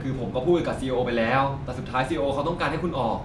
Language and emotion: Thai, frustrated